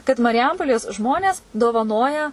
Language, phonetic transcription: Lithuanian, kad mariˈjampolės ˈžmonės dovaˈnoja

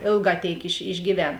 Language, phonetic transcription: Lithuanian, ˈėlˌgā ˈtėik iš išgyˈven

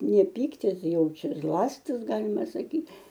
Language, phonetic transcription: Lithuanian, ne ˈpyktis ˈjau ˈčia ˈzlastis ˈgalima saˈky

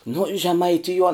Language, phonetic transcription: Lithuanian, nu žemaiˈtijuon

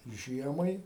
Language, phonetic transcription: Lithuanian, ˈžiemai

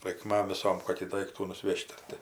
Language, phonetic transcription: Lithuanian, raikˈmam viˈsom ˈkokį ˈdaiktų nuˈsvež't' ˈar ti

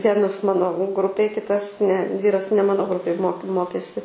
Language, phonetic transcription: Lithuanian, ˈvienas ˈmano ˈgrupėj ˈkitas ne ˈvyras ne ˈmano ˈgrupėj mok ˈmokėsi

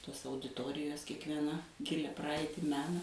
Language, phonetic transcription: Lithuanian, ˈtos audiˈtorijos kiekvieˈna ˈgilia ˈpraaiti ˈmena

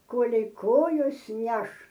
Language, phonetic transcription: Lithuanian, ˈkolei ˈkojos ˈneš

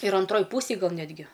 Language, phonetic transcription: Lithuanian, ir anˈtroj ˈpūsėj ˈgal ˈnetgi

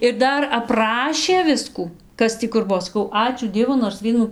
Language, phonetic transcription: Lithuanian, ir ˈdar apˈrašė ˈviskų ˈkas tį kur ˈbuo saˈkau ˈačiū ˈdievu nors ˈvienų

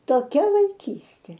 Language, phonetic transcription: Lithuanian, toˈkia vaiˈkystė

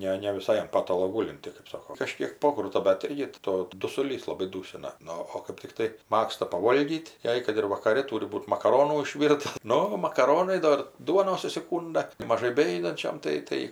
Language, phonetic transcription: Lithuanian, ˈne ne viˈsai an ˈpatalo ˈgūlinti kɜp ˈsoko kaˈžkiek ˈpokruta bet ˈirgi ˈto dusuˈlys laˈbai ˈdūsina ˈnu o kɜp tikˈtai ˈmagsta paˈvolgyt' ˈjai kad ir vakaˈre ˈtūri ˈbūt makaˈronų išˈvyrta ˈnu makaˈronai ˈdor ˈduonos užsiˈkūnda kai maˈžai beˈjudančiam ˈtai ˈtai

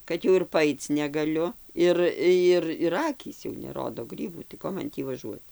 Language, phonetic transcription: Lithuanian, ˈkad jau ir paˈaic negaˈliu ˈir ˈjir ir ˈakys jau neˈrodo ˈgrybų tai ˈko man ˈtį vaˈžuot

